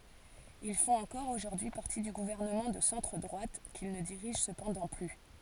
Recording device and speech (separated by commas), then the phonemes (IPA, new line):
forehead accelerometer, read sentence
il fɔ̃t ɑ̃kɔʁ oʒuʁdyi paʁti dy ɡuvɛʁnəmɑ̃ də sɑ̃tʁ dʁwat kil nə diʁiʒ səpɑ̃dɑ̃ ply